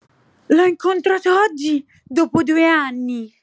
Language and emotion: Italian, happy